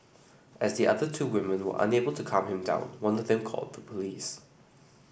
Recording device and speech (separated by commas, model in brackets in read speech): boundary microphone (BM630), read sentence